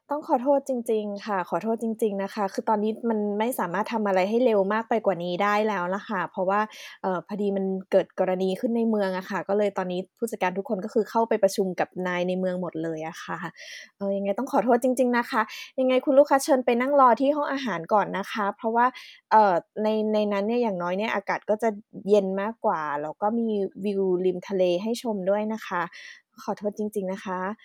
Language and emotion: Thai, frustrated